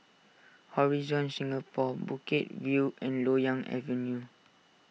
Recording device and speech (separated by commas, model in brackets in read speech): mobile phone (iPhone 6), read sentence